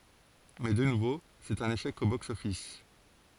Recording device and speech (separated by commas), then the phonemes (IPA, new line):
forehead accelerometer, read sentence
mɛ də nuvo sɛt œ̃n eʃɛk o bɔks ɔfis